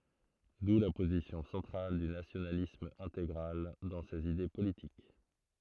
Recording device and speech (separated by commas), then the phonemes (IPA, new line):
throat microphone, read sentence
du la pozisjɔ̃ sɑ̃tʁal dy nasjonalism ɛ̃teɡʁal dɑ̃ sez ide politik